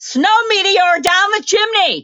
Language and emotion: English, fearful